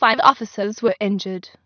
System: TTS, waveform concatenation